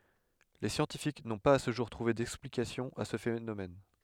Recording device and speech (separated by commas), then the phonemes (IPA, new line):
headset microphone, read sentence
le sjɑ̃tifik nɔ̃ paz a sə ʒuʁ tʁuve dɛksplikasjɔ̃ a sə fenomɛn